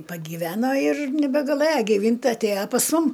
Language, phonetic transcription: Lithuanian, pagyˈveno ir nebegaˈlɘja giˈvynt' ˈtai atˈėja pas ˈmum

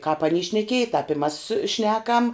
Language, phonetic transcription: Lithuanian, kāp aˈny šneˈkieji tāp i mas ˈšnekam

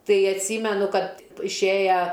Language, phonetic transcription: Lithuanian, ˈtai atˈsymenu ˈkad išˈėja

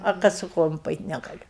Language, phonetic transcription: Lithuanian, ar ˈkad su ˈkojom paˈeit' negaˈliu

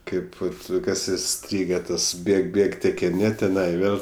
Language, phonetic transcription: Lithuanian, ˈkaip ˈvat ˈkas iˈstryge ˈtas ˈbėg ˈbėg tekiˈni tiˈnai ˈvėl

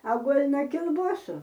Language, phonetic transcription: Lithuanian, a ˈguol na kilˈbuosų

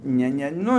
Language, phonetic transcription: Lithuanian, ˈne ˈne ˈnu

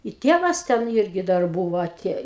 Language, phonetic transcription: Lithuanian, i ˈtėvas ˈten ˈirgi dar ˈbuvo aˈtėj

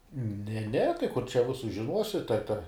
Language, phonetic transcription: Lithuanian, ne ne tai kur čia ˈvisus žiˈnuosi ta te

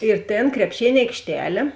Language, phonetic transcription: Lithuanian, ir ˈtėn krepˈšėn' aikšˈtelė

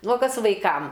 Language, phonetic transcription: Lithuanian, ˈnu o ˈkas vaiˈkam

